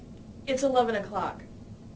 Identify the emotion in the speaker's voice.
neutral